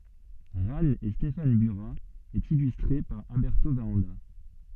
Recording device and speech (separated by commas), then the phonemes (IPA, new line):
soft in-ear microphone, read sentence
ʁan e stefan byʁa e ilystʁe paʁ albɛʁto vaʁɑ̃da